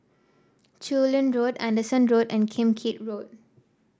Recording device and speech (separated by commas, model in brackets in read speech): standing microphone (AKG C214), read sentence